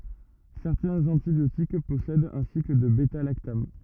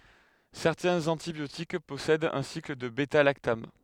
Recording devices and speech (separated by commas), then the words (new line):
rigid in-ear microphone, headset microphone, read sentence
Certains antibiotiques possèdent un cycle de bêta-lactame.